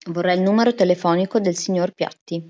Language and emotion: Italian, neutral